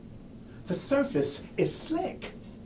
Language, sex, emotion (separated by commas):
English, male, neutral